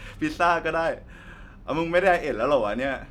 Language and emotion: Thai, happy